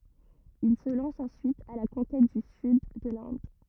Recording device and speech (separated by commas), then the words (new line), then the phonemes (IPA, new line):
rigid in-ear microphone, read sentence
Il se lance ensuite à la conquête du Sud de l'Inde.
il sə lɑ̃s ɑ̃syit a la kɔ̃kɛt dy syd də lɛ̃d